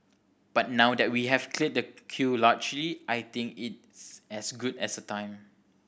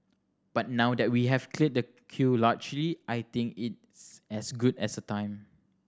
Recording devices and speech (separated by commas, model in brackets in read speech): boundary microphone (BM630), standing microphone (AKG C214), read sentence